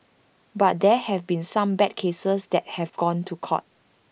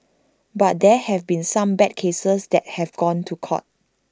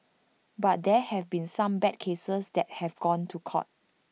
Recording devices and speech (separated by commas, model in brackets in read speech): boundary microphone (BM630), standing microphone (AKG C214), mobile phone (iPhone 6), read sentence